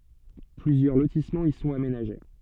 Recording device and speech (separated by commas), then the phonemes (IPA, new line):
soft in-ear microphone, read sentence
plyzjœʁ lotismɑ̃z i sɔ̃t amenaʒe